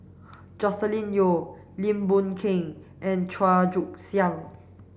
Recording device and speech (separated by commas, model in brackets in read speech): boundary microphone (BM630), read sentence